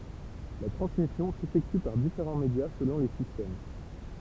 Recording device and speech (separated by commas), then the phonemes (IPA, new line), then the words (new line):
temple vibration pickup, read sentence
la tʁɑ̃smisjɔ̃ sefɛkty paʁ difeʁɑ̃ medja səlɔ̃ le sistɛm
La transmission s'effectue par différents médias selon les systèmes.